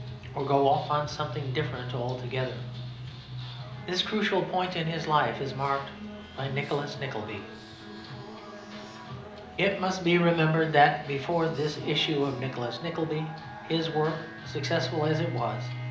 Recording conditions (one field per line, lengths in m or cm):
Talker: one person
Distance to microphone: 2.0 m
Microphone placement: close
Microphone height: 99 cm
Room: medium-sized (5.7 m by 4.0 m)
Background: music